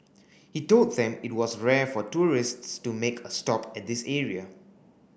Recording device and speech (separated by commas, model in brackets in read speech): boundary microphone (BM630), read sentence